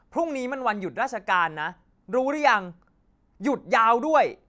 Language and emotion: Thai, angry